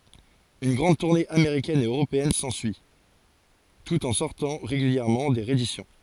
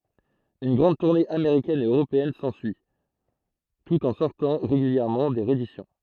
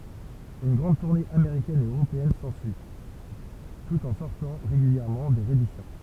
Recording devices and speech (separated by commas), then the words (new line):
forehead accelerometer, throat microphone, temple vibration pickup, read sentence
Une grande tournée américaine et européenne s'ensuit, tout en sortant régulièrement des rééditions.